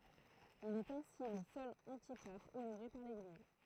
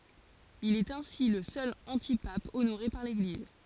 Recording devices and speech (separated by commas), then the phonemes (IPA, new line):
throat microphone, forehead accelerometer, read sentence
il ɛt ɛ̃si lə sœl ɑ̃tipap onoʁe paʁ leɡliz